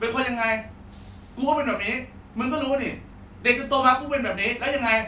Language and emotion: Thai, angry